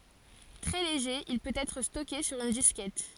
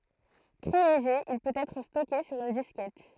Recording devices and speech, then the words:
forehead accelerometer, throat microphone, read sentence
Très léger, il peut être stocké sur une disquette.

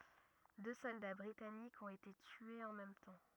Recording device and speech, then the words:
rigid in-ear microphone, read sentence
Deux soldats britanniques ont été tués en même temps.

